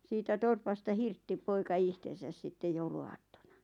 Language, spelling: Finnish, siitä torpasta hirtti poika itsensä sitten jouluaattona
- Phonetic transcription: 'siitä 'torpasta "hirtti 'poika "ihtesäs sitte 'joulu₍aattona .

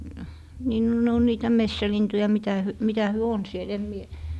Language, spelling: Finnish, niin no ne on niitä metsälintuja mitä - mitä he on siellä en minä
- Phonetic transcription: nii no 'ne 'on 'niitä "messälintuja 'mitä hy- , 'mitä hyö on 'siel em 'mie ,.

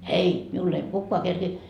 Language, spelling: Finnish, ei minulle ei kukaan kerkiä
- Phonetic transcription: » 'ei , miull ‿ei 'kukkoa kerkii .

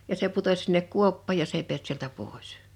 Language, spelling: Finnish, ja se putosi sinne kuoppaan ja se ei päässyt sieltä pois
- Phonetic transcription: ja se 'putos sinnek "kuoppaaj ja 's ‿èi peäst sieltä 'pòes .

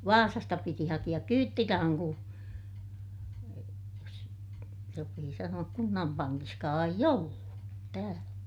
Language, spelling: Finnish, Vaasasta piti hakea kyytirahan kun jos sopii sanoa kunnan pankissakaan ei ollut täällä
- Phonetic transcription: Vaasasta piti hakiʲak kyyttirahaŋ ku , jos , sopii sanu₍ak kunnam paŋkiskaa eij ‿ollu , täälä .

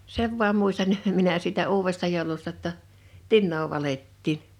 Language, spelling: Finnish, sen vain muistan minä siitä uudesta joulusta jotta tinaa valettiin
- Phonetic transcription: 'sev voam 'muistan , 'minä siitä 'uuwesta jòulusta ‿tta , "tinnoo 'valettiin .

